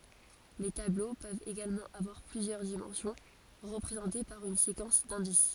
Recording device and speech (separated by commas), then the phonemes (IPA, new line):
forehead accelerometer, read sentence
le tablo pøvt eɡalmɑ̃ avwaʁ plyzjœʁ dimɑ̃sjɔ̃ ʁəpʁezɑ̃te paʁ yn sekɑ̃s dɛ̃dis